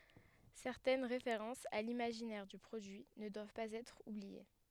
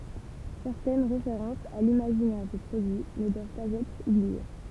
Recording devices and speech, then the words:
headset microphone, temple vibration pickup, read sentence
Certaines références à l'imaginaire du produit ne doivent pas être oubliées.

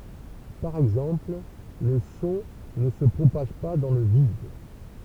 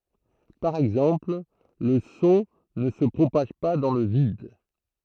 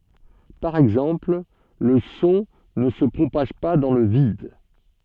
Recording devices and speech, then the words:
temple vibration pickup, throat microphone, soft in-ear microphone, read sentence
Par exemple, le son ne se propage pas dans le vide.

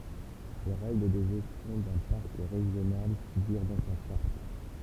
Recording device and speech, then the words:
temple vibration pickup, read sentence
Les règles de gestion d'un parc régional figurent dans sa charte.

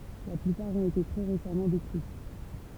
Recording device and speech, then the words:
temple vibration pickup, read sentence
La plupart ont été très récemment décrites.

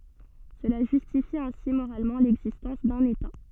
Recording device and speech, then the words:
soft in-ear microphone, read sentence
Cela justifie ainsi moralement l'existence d'un État.

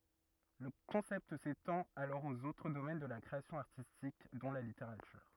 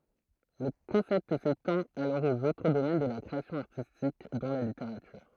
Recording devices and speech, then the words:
rigid in-ear microphone, throat microphone, read sentence
Le concept s'étend alors aux autres domaines de la création artistique, dont la littérature.

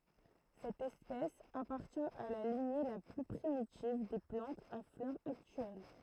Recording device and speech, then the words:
throat microphone, read sentence
Cette espèce appartient à la lignée la plus primitive des plantes à fleurs actuelles.

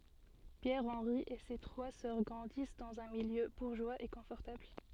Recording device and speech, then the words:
soft in-ear microphone, read sentence
Pierre Henri et ses trois sœurs grandissent dans un milieu bourgeois et confortable.

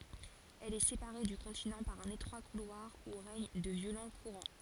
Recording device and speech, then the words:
forehead accelerometer, read sentence
Elle est séparée du continent par un étroit couloir où règnent de violents courants.

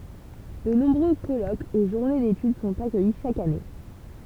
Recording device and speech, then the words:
temple vibration pickup, read sentence
De nombreux colloques et journées d'études sont accueillis chaque année.

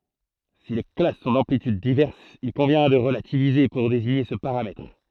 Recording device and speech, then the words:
throat microphone, read sentence
Si les classes sont d'amplitudes diverses, il convient de relativiser pour désigner ce paramètre.

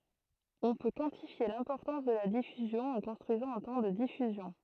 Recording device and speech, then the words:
throat microphone, read sentence
On peut quantifier l'importance de la diffusion en construisant un temps de diffusion.

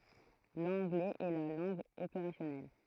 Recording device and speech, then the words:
throat microphone, read sentence
L’anglais est la langue opérationnelle.

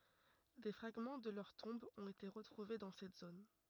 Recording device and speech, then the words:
rigid in-ear microphone, read sentence
Des fragments de leurs tombes ont été retrouvés dans cette zone.

